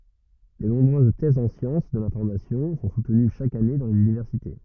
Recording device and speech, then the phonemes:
rigid in-ear microphone, read sentence
də nɔ̃bʁøz tɛzz ɑ̃ sjɑ̃s də lɛ̃fɔʁmasjɔ̃ sɔ̃ sutəny ʃak ane dɑ̃ lez ynivɛʁsite

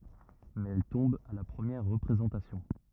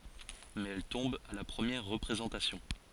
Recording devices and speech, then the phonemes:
rigid in-ear microphone, forehead accelerometer, read sentence
mɛz ɛl tɔ̃b a la pʁəmjɛʁ ʁəpʁezɑ̃tasjɔ̃

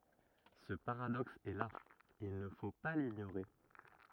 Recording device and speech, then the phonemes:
rigid in-ear microphone, read sentence
sə paʁadɔks ɛ la il nə fo pa liɲoʁe

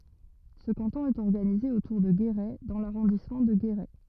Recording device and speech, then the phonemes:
rigid in-ear microphone, read sentence
sə kɑ̃tɔ̃ ɛt ɔʁɡanize otuʁ də ɡeʁɛ dɑ̃ laʁɔ̃dismɑ̃ də ɡeʁɛ

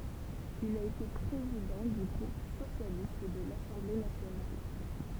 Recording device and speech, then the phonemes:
temple vibration pickup, read sentence
il a ete pʁezidɑ̃ dy ɡʁup sosjalist də lasɑ̃ble nasjonal

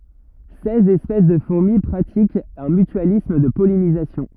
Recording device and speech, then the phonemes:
rigid in-ear microphone, read sentence
sɛz ɛspɛs də fuʁmi pʁatikt œ̃ mytyalism də pɔlinizasjɔ̃

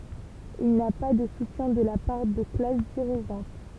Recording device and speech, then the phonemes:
temple vibration pickup, read sentence
il na pa də sutjɛ̃ də la paʁ də klas diʁiʒɑ̃t

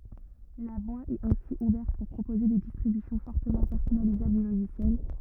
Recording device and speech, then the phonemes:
rigid in-ear microphone, read sentence
la vwa ɛt ɛ̃si uvɛʁt puʁ pʁopoze de distʁibysjɔ̃ fɔʁtəmɑ̃ pɛʁsɔnalizabl dy loʒisjɛl

